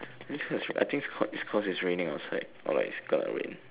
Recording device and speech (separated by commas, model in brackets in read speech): telephone, conversation in separate rooms